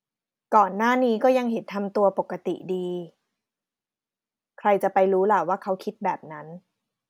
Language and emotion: Thai, neutral